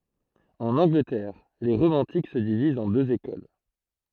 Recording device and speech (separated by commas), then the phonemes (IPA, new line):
throat microphone, read sentence
ɑ̃n ɑ̃ɡlətɛʁ le ʁomɑ̃tik sə divizt ɑ̃ døz ekol